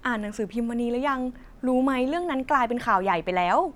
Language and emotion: Thai, happy